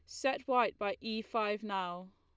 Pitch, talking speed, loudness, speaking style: 215 Hz, 185 wpm, -35 LUFS, Lombard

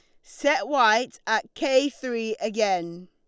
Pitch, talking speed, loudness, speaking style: 225 Hz, 125 wpm, -24 LUFS, Lombard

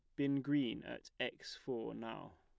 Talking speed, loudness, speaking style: 165 wpm, -41 LUFS, plain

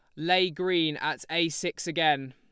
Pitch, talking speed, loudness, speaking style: 165 Hz, 170 wpm, -27 LUFS, Lombard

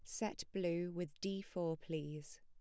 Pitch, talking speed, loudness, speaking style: 175 Hz, 165 wpm, -43 LUFS, plain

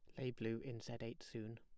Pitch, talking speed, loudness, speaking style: 115 Hz, 260 wpm, -48 LUFS, plain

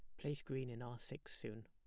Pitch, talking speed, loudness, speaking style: 120 Hz, 245 wpm, -48 LUFS, plain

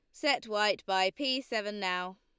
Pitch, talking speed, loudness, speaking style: 210 Hz, 180 wpm, -31 LUFS, Lombard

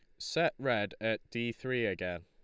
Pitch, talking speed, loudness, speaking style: 110 Hz, 175 wpm, -34 LUFS, Lombard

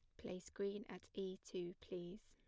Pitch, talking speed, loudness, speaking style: 185 Hz, 175 wpm, -49 LUFS, plain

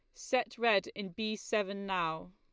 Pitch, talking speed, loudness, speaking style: 200 Hz, 170 wpm, -34 LUFS, Lombard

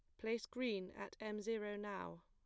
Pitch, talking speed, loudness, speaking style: 210 Hz, 175 wpm, -45 LUFS, plain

